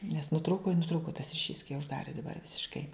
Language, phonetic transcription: Lithuanian, nes nuˈtrūku i nuˈtrūku tas riˈšys kai užˈdari daˈbar visišˈkai

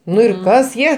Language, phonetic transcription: Lithuanian, ˈnu ir ˈkas ˈjie

